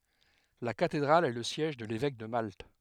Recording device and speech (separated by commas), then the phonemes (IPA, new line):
headset microphone, read sentence
la katedʁal ɛ lə sjɛʒ də levɛk də malt